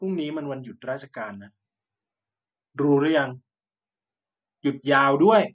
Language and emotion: Thai, frustrated